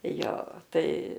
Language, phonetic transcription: Lithuanian, ˈjo ˈtai

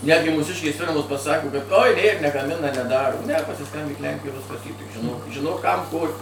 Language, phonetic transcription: Lithuanian, ˈnetgi ˈmūsiškės ˈfirmos paˈsako kad ˈoj ˈnėr negaˈmina neˈdaro ne pasiˈskambyk ˈlenkijoj ˈviskas y tik žiˈnok žiˈnok ˈkam ˈko

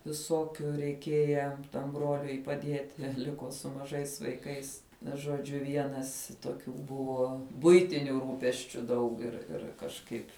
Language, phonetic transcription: Lithuanian, viˈsokiu reiˈkieja tam ˈbroliui paˈdieti ˈliko su maˈžais vaiˈkais žoˈdžiu ˈvienas toˈkių ˈbuvo ˈbuitiniu ˈrūpesčiu ˈdaug ir ˈir kažˈkaip'

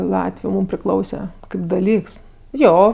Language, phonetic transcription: Lithuanian, ˈlatviu ˈmūm priˈklause ˈkaip daˈlyks ˈjo

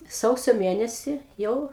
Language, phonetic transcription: Lithuanian, ˈsausio ˈmėnesį ˈjau

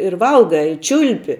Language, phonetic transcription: Lithuanian, ir ˈvalgai i ˈčiulpi

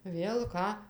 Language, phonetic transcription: Lithuanian, ˈvėl ˈką

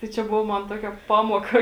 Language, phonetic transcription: Lithuanian, tai ˈčia ˈbuvo ˈman ˈtuokia ˈpamuoka

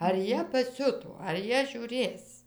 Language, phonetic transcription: Lithuanian, ar ˈjie paˈsiuto ar ˈjie žiūˈrės

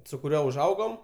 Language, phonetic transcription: Lithuanian, su kuˈriuo užˈaugom

